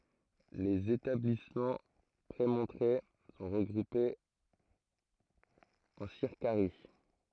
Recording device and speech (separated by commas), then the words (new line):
throat microphone, read sentence
Les établissements prémontrés sont regroupés en circaries.